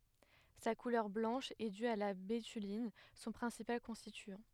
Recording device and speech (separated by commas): headset microphone, read sentence